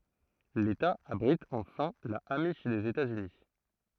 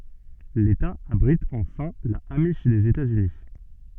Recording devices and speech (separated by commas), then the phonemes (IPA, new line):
throat microphone, soft in-ear microphone, read sentence
leta abʁit ɑ̃fɛ̃ la amiʃ dez etaz yni